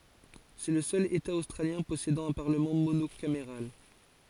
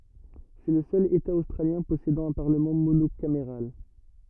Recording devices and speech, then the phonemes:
forehead accelerometer, rigid in-ear microphone, read sentence
sɛ lə sœl eta ostʁaljɛ̃ pɔsedɑ̃ œ̃ paʁləmɑ̃ monokameʁal

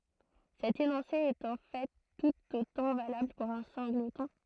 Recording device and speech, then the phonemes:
throat microphone, read sentence
sɛt enɔ̃se ɛt ɑ̃ fɛ tut otɑ̃ valabl puʁ œ̃ sɛ̃ɡlətɔ̃

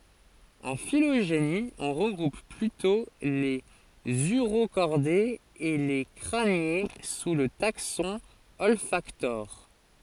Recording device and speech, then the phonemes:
forehead accelerometer, read sentence
ɑ̃ filoʒeni ɔ̃ ʁəɡʁup plytɔ̃ lez yʁokɔʁdez e le kʁanje su lə taksɔ̃ ɔlfaktoʁ

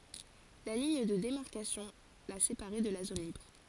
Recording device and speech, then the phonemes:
forehead accelerometer, read sentence
la liɲ də demaʁkasjɔ̃ la sepaʁɛ də la zon libʁ

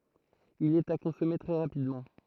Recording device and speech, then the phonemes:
throat microphone, read sentence
il ɛt a kɔ̃sɔme tʁɛ ʁapidmɑ̃

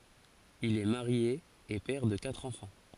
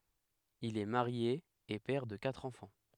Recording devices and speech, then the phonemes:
forehead accelerometer, headset microphone, read sentence
il ɛ maʁje e pɛʁ də katʁ ɑ̃fɑ̃

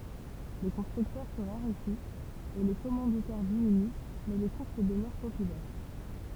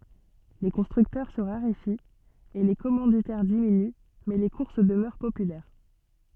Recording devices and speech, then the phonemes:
temple vibration pickup, soft in-ear microphone, read sentence
le kɔ̃stʁyktœʁ sə ʁaʁefit e le kɔmɑ̃ditɛʁ diminy mɛ le kuʁs dəmœʁ popylɛʁ

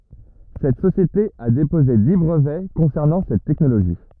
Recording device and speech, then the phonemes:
rigid in-ear microphone, read sentence
sɛt sosjete a depoze di bʁəvɛ kɔ̃sɛʁnɑ̃ sɛt tɛknoloʒi

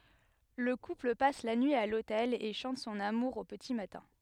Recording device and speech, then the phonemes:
headset microphone, read sentence
lə kupl pas la nyi a lotɛl e ʃɑ̃t sɔ̃n amuʁ o pəti matɛ̃

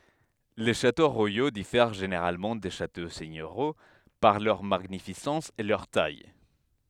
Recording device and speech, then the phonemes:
headset microphone, read sentence
le ʃato ʁwajo difɛʁ ʒeneʁalmɑ̃ de ʃato sɛɲøʁjo paʁ lœʁ maɲifisɑ̃s e lœʁ taj

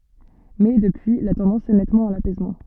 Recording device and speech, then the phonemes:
soft in-ear microphone, read sentence
mɛ dəpyi la tɑ̃dɑ̃s ɛ nɛtmɑ̃ a lapɛsmɑ̃

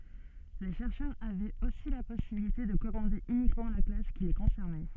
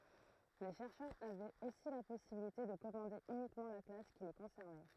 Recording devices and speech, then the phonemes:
soft in-ear microphone, throat microphone, read sentence
le ʃɛʁʃœʁz avɛt osi la pɔsibilite də kɔmɑ̃de ynikmɑ̃ la klas ki le kɔ̃sɛʁnɛ

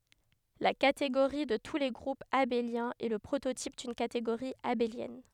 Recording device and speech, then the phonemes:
headset microphone, read sentence
la kateɡoʁi də tu le ɡʁupz abeljɛ̃z ɛ lə pʁototip dyn kateɡoʁi abeljɛn

